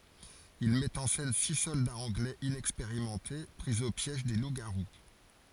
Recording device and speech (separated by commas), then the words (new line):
forehead accelerometer, read sentence
Il met en scène six soldats anglais inexpérimentés pris au piège des loups-garous.